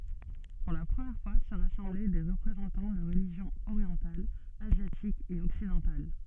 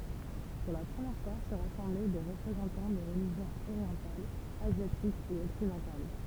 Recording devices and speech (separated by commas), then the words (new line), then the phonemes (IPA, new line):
soft in-ear microphone, temple vibration pickup, read sentence
Pour la première fois se rassemblaient des représentants de religions orientales, asiatiques et occidentales.
puʁ la pʁəmjɛʁ fwa sə ʁasɑ̃blɛ de ʁəpʁezɑ̃tɑ̃ də ʁəliʒjɔ̃z oʁjɑ̃talz azjatikz e ɔksidɑ̃tal